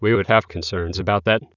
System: TTS, waveform concatenation